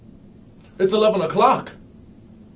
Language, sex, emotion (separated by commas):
English, male, happy